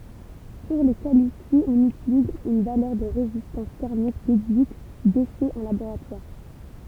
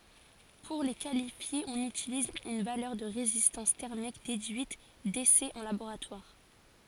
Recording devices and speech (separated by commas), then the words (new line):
temple vibration pickup, forehead accelerometer, read sentence
Pour les qualifier, on utilise une valeur de résistance thermique déduite d'essais en laboratoire.